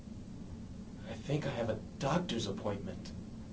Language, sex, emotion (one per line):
English
male
fearful